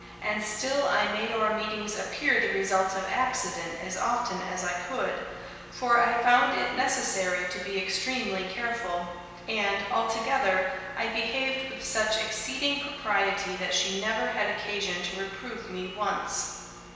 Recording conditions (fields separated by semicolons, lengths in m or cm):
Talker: one person; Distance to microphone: 1.7 m; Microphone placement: close; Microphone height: 1.0 m; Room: very reverberant, large; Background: none